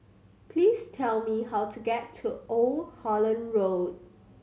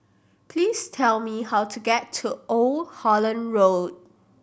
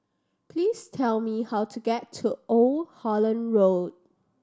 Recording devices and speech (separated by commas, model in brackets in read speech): mobile phone (Samsung C7100), boundary microphone (BM630), standing microphone (AKG C214), read sentence